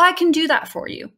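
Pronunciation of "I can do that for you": In 'I can do that for you', 'can' is unstressed and reduced: its vowel is a schwa, so the word is smaller than it would be if it were stressed.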